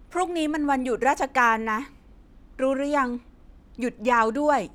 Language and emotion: Thai, frustrated